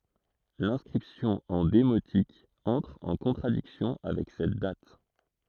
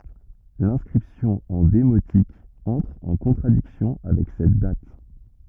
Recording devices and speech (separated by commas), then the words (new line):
throat microphone, rigid in-ear microphone, read sentence
L'inscription en démotique entre en contradiction avec cette date.